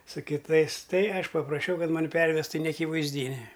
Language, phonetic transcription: Lithuanian, su kiˈtais ˈtai ˈaš papraˈšiau ˈkad ˈmani ˈpervestu i neakivaizˈdyni

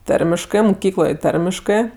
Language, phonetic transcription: Lithuanian, ˈtarmiškɜ muˈkykloj ˈtarmiškɜ

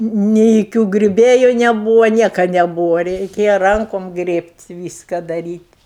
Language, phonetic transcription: Lithuanian, ni joˈkių griuˈbėju neˈbūva ˈnieka neˈbūva reiˈkėja ˈrankom ˈgrėbt' ˈvyska daˈryt'

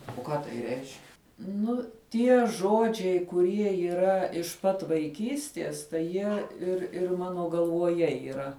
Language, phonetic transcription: Lithuanian, o ˈką tai reišk' ˈnu ˈtie ˈžodžiai kuˈrie yˈra iš pat vaiˈkysties ˈtai ˈjie ir ˈir ˈmano galvoˈje yˈra

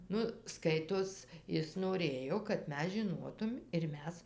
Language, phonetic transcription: Lithuanian, ˈnu ˈskaitos ˈis noˈrėjo kad ˈmes žiˈnotum ir ˈmes

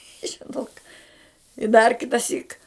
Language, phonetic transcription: Lithuanian, i žiˈnok i dar ˈkitasyk

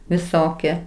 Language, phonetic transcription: Lithuanian, viˈsokie

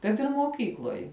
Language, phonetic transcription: Lithuanian, kad ir moˈkykloj

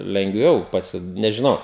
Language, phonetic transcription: Lithuanian, lengˈviau paˈsi nežiˈnau

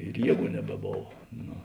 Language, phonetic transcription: Lithuanian, ir ˈjieˌgų nebeˈbov ˈno

